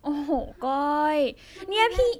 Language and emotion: Thai, frustrated